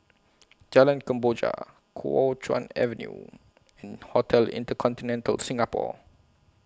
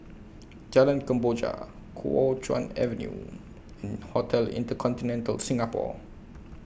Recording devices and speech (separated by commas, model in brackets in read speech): close-talking microphone (WH20), boundary microphone (BM630), read sentence